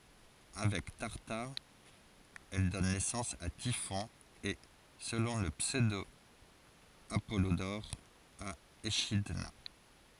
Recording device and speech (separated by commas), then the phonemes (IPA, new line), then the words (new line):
forehead accelerometer, read sentence
avɛk taʁtaʁ ɛl dɔn nɛsɑ̃s a tifɔ̃ e səlɔ̃ lə psødo apɔlodɔʁ a eʃidna
Avec Tartare, elle donne naissance à Typhon et, selon le pseudo-Apollodore, à Échidna.